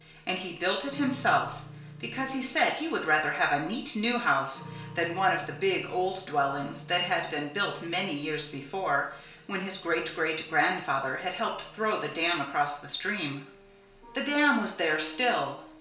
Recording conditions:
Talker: one person; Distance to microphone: 1.0 m; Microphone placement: close; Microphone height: 1.1 m; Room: small (3.7 m by 2.7 m); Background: music

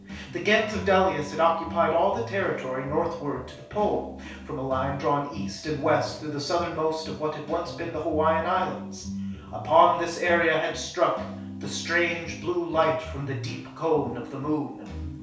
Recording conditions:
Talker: one person; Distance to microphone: 3.0 m; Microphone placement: far; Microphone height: 1.8 m; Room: small (3.7 m by 2.7 m); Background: music

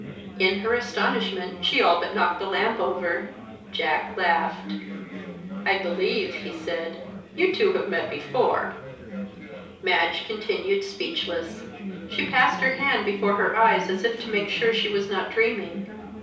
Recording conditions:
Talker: one person; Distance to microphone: 3.0 m; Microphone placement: far; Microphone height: 1.8 m; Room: small (3.7 m by 2.7 m); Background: babble

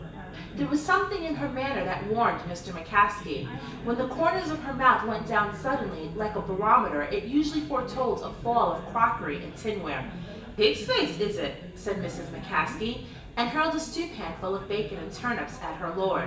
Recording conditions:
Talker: one person; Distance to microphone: 1.8 m; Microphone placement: close; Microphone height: 1.0 m; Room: large; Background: babble

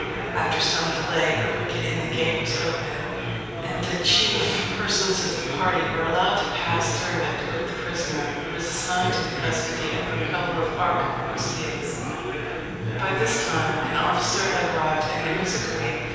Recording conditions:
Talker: one person; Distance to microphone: 7.1 m; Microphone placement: far; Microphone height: 1.7 m; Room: very reverberant, large; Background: babble

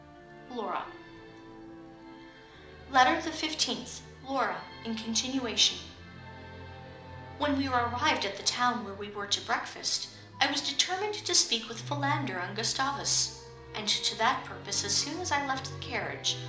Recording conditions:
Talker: one person; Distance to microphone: 2.0 m; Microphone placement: close; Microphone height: 99 cm; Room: medium-sized (5.7 m by 4.0 m); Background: music

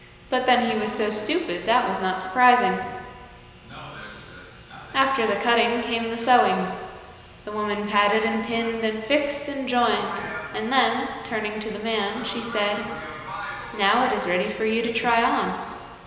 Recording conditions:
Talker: one person; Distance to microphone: 1.7 m; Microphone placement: close; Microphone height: 1.0 m; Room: very reverberant, large; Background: television

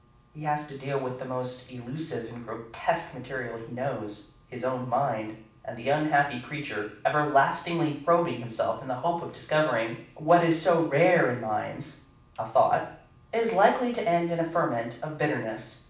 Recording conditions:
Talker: one person; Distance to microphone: 5.8 m; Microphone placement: far; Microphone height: 1.8 m; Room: medium-sized (5.7 m by 4.0 m); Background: none

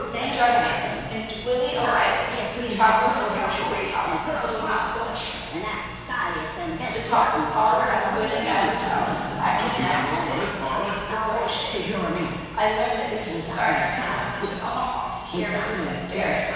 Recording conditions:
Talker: one person; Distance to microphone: 7.1 m; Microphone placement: far; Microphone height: 1.7 m; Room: very reverberant, large; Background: television

